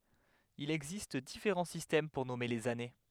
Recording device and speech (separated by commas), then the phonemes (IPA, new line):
headset microphone, read sentence
il ɛɡzist difeʁɑ̃ sistɛm puʁ nɔme lez ane